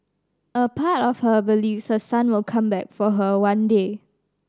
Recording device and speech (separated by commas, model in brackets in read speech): standing microphone (AKG C214), read sentence